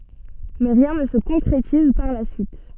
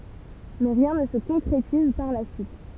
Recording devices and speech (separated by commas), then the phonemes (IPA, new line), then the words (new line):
soft in-ear microphone, temple vibration pickup, read sentence
mɛ ʁjɛ̃ nə sə kɔ̃kʁetiz paʁ la syit
Mais rien ne se concrétise par la suite.